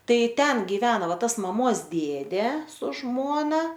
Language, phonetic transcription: Lithuanian, ˈtai ˈten giˈvena ˈva ˈtas maˈmos ˈdėdė su ˈžmona

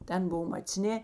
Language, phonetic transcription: Lithuanian, ˈten ˈbov macˈnė

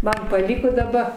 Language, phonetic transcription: Lithuanian, ˈman paˈlyko daˈba

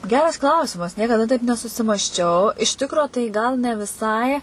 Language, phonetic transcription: Lithuanian, ˈgeras ˈklausimas niekaˈda taip nesusimasˈčiau iš ˈtikro tai gal ne viˈsai

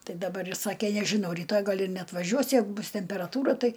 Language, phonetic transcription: Lithuanian, ˈtai daˈbar ˈjis ˈsake nežiˈnau ryˈtoj ˈgal ir neatvaˈžiuos ˈjeigu ˈbus temperaˈtūra ˈtai

